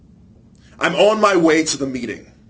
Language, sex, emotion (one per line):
English
male
disgusted